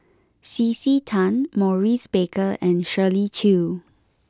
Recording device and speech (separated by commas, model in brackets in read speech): close-talking microphone (WH20), read sentence